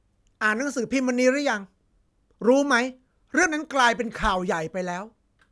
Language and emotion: Thai, frustrated